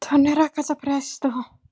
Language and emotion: Italian, fearful